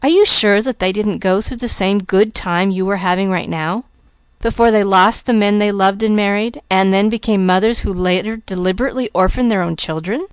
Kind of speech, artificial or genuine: genuine